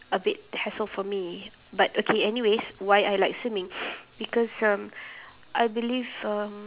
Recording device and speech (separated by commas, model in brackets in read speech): telephone, conversation in separate rooms